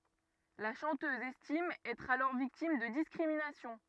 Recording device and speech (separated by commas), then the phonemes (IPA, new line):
rigid in-ear microphone, read sentence
la ʃɑ̃tøz ɛstim ɛtʁ alɔʁ viktim də diskʁiminasjɔ̃